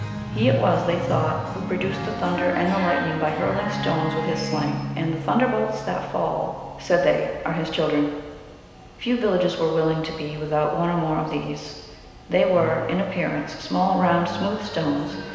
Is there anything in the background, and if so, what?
Music.